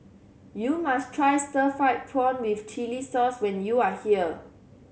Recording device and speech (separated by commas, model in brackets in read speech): mobile phone (Samsung C7100), read sentence